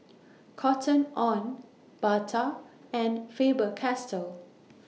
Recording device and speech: mobile phone (iPhone 6), read sentence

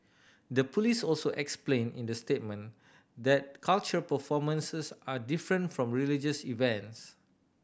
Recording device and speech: boundary microphone (BM630), read sentence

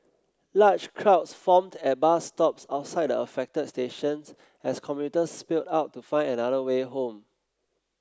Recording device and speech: close-talking microphone (WH30), read sentence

